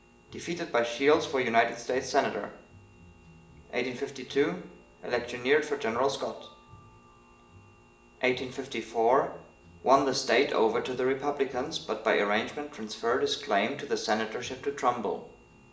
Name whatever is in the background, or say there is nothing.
Music.